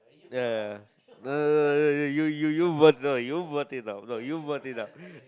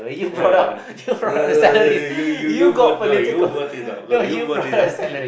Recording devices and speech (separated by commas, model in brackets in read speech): close-talking microphone, boundary microphone, conversation in the same room